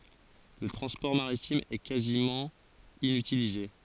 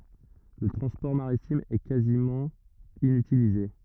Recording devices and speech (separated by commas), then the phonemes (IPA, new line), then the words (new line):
forehead accelerometer, rigid in-ear microphone, read sentence
lə tʁɑ̃spɔʁ maʁitim ɛ kazimɑ̃ inytilize
Le transport maritime est quasiment inutilisé.